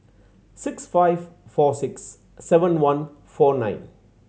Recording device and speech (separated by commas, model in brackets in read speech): mobile phone (Samsung C7100), read sentence